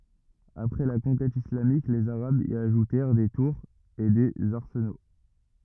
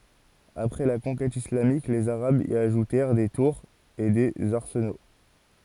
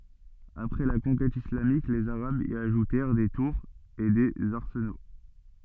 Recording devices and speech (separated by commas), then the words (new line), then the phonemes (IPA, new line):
rigid in-ear microphone, forehead accelerometer, soft in-ear microphone, read sentence
Après la conquête islamique, les arabes y ajoutèrent des tours et des arsenaux.
apʁɛ la kɔ̃kɛt islamik lez aʁabz i aʒutɛʁ de tuʁz e dez aʁsəno